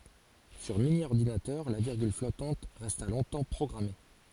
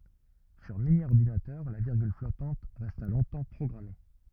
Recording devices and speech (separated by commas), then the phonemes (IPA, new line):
forehead accelerometer, rigid in-ear microphone, read sentence
syʁ minjɔʁdinatœʁ la viʁɡyl flɔtɑ̃t ʁɛsta lɔ̃tɑ̃ pʁɔɡʁame